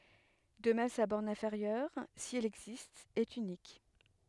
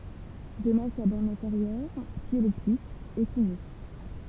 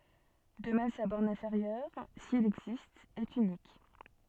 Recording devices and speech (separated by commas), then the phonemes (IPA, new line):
headset microphone, temple vibration pickup, soft in-ear microphone, read sentence
də mɛm sa bɔʁn ɛ̃feʁjœʁ si ɛl ɛɡzist ɛt ynik